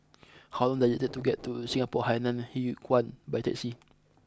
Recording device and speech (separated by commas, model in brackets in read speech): close-talking microphone (WH20), read sentence